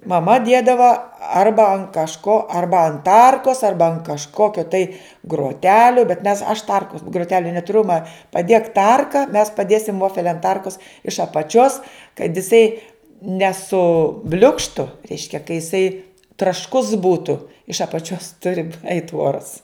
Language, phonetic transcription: Lithuanian, maˈma ˈdiedava ˈarba an kažˈko ˈarba an ˈtarkos ˈarba an kažˈkokio tai groˈteliu bet mes aš ˈtarkus gruˈteliu netuˈriu ma paˈdėk ˈtarka mes paˈdėsim ˈvofel' an ˈtarkus iš apaˈčios kad iˈsai neˈsu ˈbliukštu ˈreiškia ka jiˈsai trašˈkus ˈbūtu iš apaˈčios ˈturi eit ˈuoras

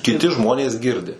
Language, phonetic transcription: Lithuanian, kiˈti ˈžmonės ˈgirdi

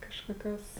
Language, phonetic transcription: Lithuanian, kažkoˈkios

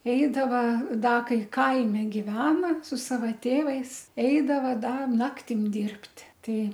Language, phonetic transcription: Lithuanian, ˈeidava ˈda ˈkai ˈkaimi giˈvena su ˈsava ˈtėvais ˈeidava ˈda ˈnaktim ˈdirbt' ˈtai

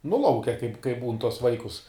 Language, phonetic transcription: Lithuanian, nu ˈlauke kaip kaip būn tuos ˈvaikus

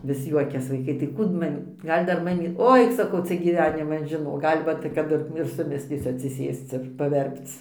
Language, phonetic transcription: Lithuanian, vis ˈjuokias vaiˈkai tai ˈkų d ˈmamy ˈgal' dar ˈmamy ˈoi saˈkau ˈcia gyˈveniman žiˈnok ˈgal' ˈvat kaˈdu ir ir suˈmislysiu atsiˈsėsc ir paˈverpc

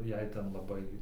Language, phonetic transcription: Lithuanian, ˈjei ˈten laˈbai

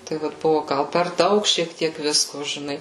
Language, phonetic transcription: Lithuanian, tai ˈvat ˈbuvo ˈgal per ˈdaug šiek ˈtiek ˈvisko žiˈnai

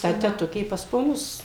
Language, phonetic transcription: Lithuanian, ta teˈtukė pas poˈnus

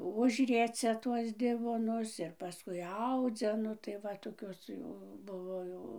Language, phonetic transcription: Lithuanian, ˈužriecia ˈtuos ˈdivonus ir paˈskui ˈaudzia ˈnu tai ˈva toˈkios jau ˈbuvo jau

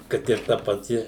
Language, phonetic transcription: Lithuanian, ˈkad ir ˈta paˈti

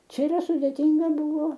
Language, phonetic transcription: Lithuanian, ˈčia yˈra sudėˈtynga ˈbuvo

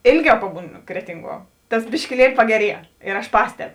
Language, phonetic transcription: Lithuanian, ˈėlˌgiau ˈpabūˌnu ˈkretinˌguo ˈtas biškiˈlieli pageˈrie ir aš ˈpasteb

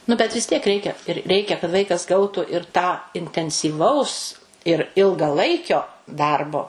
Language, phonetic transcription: Lithuanian, nu bet vis tiek ˈreikia ir ˈreikia kad ˈvaikas ˈgautu ir tą intensyˈvaus ir ilgaˈlaikio ˈdarbo

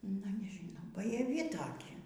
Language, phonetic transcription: Lithuanian, nu nežiˈnau bajaˈvi ˈtoki

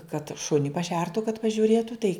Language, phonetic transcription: Lithuanian, kad ˈšuni paˈšertu kad pažiuˈrėtu tai

